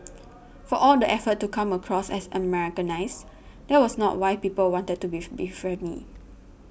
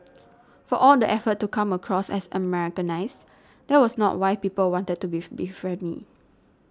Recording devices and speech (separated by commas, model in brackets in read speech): boundary microphone (BM630), standing microphone (AKG C214), read sentence